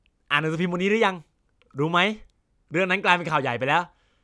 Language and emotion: Thai, happy